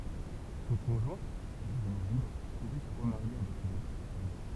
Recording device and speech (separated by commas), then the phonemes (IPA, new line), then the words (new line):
temple vibration pickup, read sentence
sɔ̃ kɔ̃ʒwɛ̃ dəvny libʁ puvɛ sə ʁəmaʁje avɛk yn otʁ pɛʁsɔn
Son conjoint, devenu libre pouvait se remarier avec une autre personne.